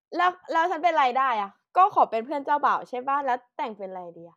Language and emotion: Thai, happy